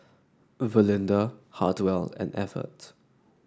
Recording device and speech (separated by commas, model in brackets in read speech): standing microphone (AKG C214), read sentence